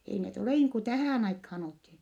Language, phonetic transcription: Finnish, ei net olè niiŋ ku tähä̀n aikhaan olthi .
- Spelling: ei ne ole niin kuin tähän aikaan oltiin

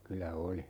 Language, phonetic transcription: Finnish, 'kylä "oli .
- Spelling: kyllä oli

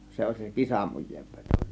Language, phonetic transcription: Finnish, 'se oĺ se "kisamuj̆jeev 'vEtO .
- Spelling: se oli se kisamujeen veto

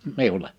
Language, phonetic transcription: Finnish, 'miule .
- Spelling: minulle

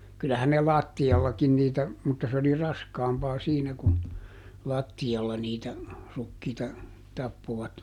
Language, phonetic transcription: Finnish, ˈkylähän ne "làtti₍allakin niitä , mutta ˈs ‿oli "raskaampaa ˈsiinä kun , "làtti₍alla niitä , ˈrukkiita , ˈtappovat .
- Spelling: kyllähän ne lattiallakin niitä mutta se oli raskaampaa siinä kun lattialla niitä rukiita tappoivat

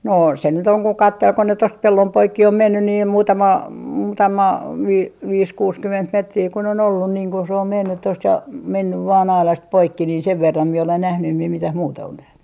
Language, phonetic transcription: Finnish, 'noo se nyt ‿oŋ ko "kattel ko ne tost "pellom 'poikki om 'menny niim 'muutama , 'muutama , 'vi - 'viis 'kuuskyment 'metrii kun ‿on ‿ollun niiŋ ku se om 'mennyt 'tost ja , 'mennyv 'vaan "ailast 'poikki niin 'sev verram mie olen 'nähny em mie 'mitäh "muuta on 'nähny .
- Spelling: no se nyt on kun katseli kun ne tuosta pellon poikki on mennyt niin muutama muutama - viisi kuusikymmentä metriä kun on ollut niin kun se on mennyt tuosta ja mennyt vain aidasta poikki niin sen verran minä olen nähnyt en minä mitään muuta ole nähnyt

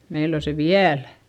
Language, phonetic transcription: Finnish, meil ‿o se viälÄ .
- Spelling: meillä on se vielä

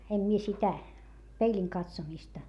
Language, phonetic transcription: Finnish, em mie sitä , peiĺiŋ katsomista .
- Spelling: en minä sitä peilin katsomista

